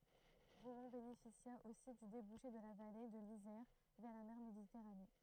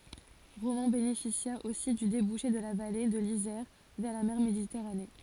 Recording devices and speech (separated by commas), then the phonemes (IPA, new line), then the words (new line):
throat microphone, forehead accelerometer, read sentence
ʁomɑ̃ benefisja osi dy debuʃe də la vale də lizɛʁ vɛʁ la mɛʁ meditɛʁane
Romans bénéficia aussi du débouché de la vallée de l'Isère vers la mer Méditerranée.